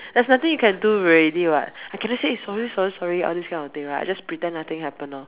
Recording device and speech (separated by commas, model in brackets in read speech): telephone, conversation in separate rooms